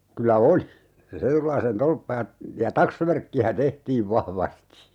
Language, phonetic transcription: Finnish, kylä "oli , se 'Retulaisen "tolppa ja , ja "taksvärkki₍ä 'tehtiiv 'vahvasti .
- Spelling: kyllä oli se Retulaisen torppa ja ja taksvärkkiä tehtiin vahvasti

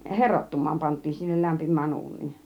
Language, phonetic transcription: Finnish, herottum̆maam pant̆tiin sinnel 'lämpim̆mään 'uun̆niin .
- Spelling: heroittumaan pantiin sinne lämpimään uuniin

